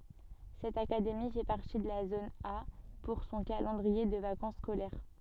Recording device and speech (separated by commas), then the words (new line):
soft in-ear microphone, read sentence
Cette académie fait partie de la zone A pour son calendrier de vacances scolaires.